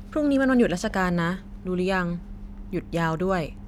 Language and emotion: Thai, neutral